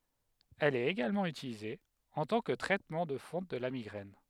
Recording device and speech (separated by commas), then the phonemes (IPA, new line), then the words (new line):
headset microphone, read sentence
ɛl ɛt eɡalmɑ̃ ytilize ɑ̃ tɑ̃ kə tʁɛtmɑ̃ də fɔ̃ də la miɡʁɛn
Elle est également utilisée en tant que traitement de fond de la migraine.